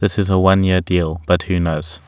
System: none